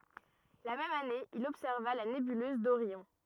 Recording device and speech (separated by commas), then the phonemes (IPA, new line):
rigid in-ear microphone, read sentence
la mɛm ane il ɔbsɛʁva la nebyløz doʁjɔ̃